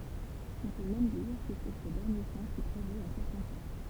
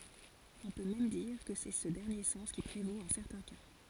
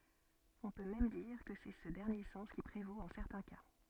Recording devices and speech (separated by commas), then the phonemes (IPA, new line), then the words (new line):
temple vibration pickup, forehead accelerometer, soft in-ear microphone, read sentence
ɔ̃ pø mɛm diʁ kə sɛ sə dɛʁnje sɑ̃s ki pʁevot ɑ̃ sɛʁtɛ̃ ka
On peut même dire que c'est ce dernier sens qui prévaut en certains cas.